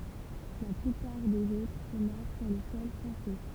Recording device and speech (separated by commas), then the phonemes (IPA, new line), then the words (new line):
temple vibration pickup, read sentence
la plypaʁ dez otʁ sɔ̃ mɔʁ syʁ lə sɔl fʁɑ̃sɛ
La plupart des autres sont morts sur le sol français.